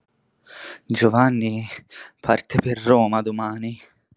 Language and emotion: Italian, sad